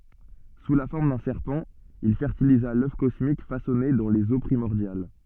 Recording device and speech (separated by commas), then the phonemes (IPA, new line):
soft in-ear microphone, read sentence
su la fɔʁm dœ̃ sɛʁpɑ̃ il fɛʁtiliza lœf kɔsmik fasɔne dɑ̃ lez o pʁimɔʁdjal